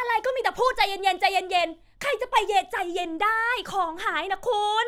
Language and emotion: Thai, angry